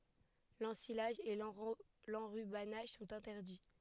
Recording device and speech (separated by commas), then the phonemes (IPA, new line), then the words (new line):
headset microphone, read sentence
lɑ̃silaʒ e lɑ̃ʁybanaʒ sɔ̃t ɛ̃tɛʁdi
L’ensilage et l’enrubannage sont interdits.